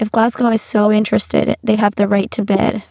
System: VC, spectral filtering